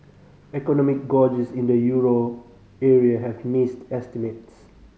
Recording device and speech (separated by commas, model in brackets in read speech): mobile phone (Samsung C5010), read sentence